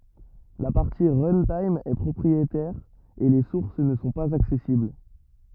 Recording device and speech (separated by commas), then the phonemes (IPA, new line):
rigid in-ear microphone, read sentence
la paʁti ʁœ̃tim ɛ pʁɔpʁietɛʁ e le suʁs nə sɔ̃ paz aksɛsibl